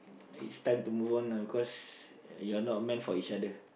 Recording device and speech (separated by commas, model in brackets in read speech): boundary microphone, conversation in the same room